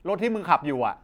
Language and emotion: Thai, angry